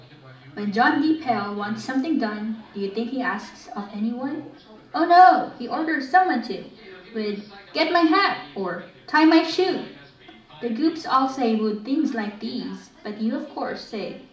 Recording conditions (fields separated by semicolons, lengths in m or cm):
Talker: one person; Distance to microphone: 2.0 m; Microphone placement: close; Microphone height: 99 cm; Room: medium-sized (5.7 m by 4.0 m); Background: television